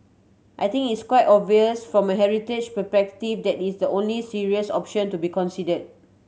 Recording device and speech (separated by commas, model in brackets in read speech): mobile phone (Samsung C7100), read sentence